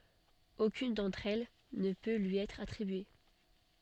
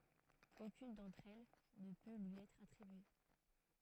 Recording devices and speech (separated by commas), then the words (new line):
soft in-ear microphone, throat microphone, read sentence
Aucune d’entre elles ne peut lui être attribuée.